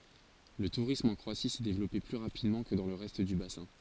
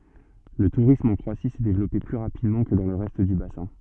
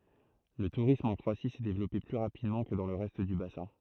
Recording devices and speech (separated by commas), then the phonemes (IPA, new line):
forehead accelerometer, soft in-ear microphone, throat microphone, read sentence
lə tuʁism ɑ̃ kʁoasi sɛ devlɔpe ply ʁapidmɑ̃ kə dɑ̃ lə ʁɛst dy basɛ̃